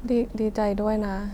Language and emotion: Thai, neutral